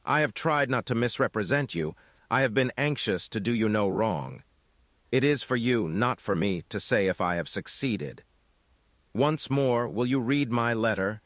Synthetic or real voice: synthetic